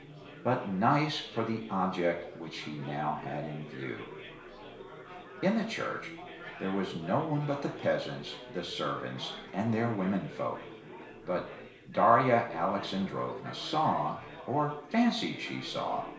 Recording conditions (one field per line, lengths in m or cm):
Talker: one person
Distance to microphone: 1.0 m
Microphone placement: close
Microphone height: 1.1 m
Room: small (3.7 m by 2.7 m)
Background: babble